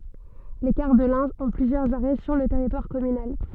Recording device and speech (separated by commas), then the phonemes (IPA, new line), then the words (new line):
soft in-ear microphone, read sentence
le kaʁ də lɛ̃ ɔ̃ plyzjœʁz aʁɛ syʁ lə tɛʁitwaʁ kɔmynal
Les cars de l'Ain ont plusieurs arrêts sur le territoire communal.